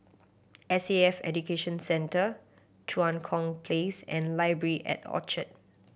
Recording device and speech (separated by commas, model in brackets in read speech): boundary microphone (BM630), read sentence